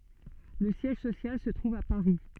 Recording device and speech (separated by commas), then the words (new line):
soft in-ear microphone, read sentence
Le siège social se trouve à Paris.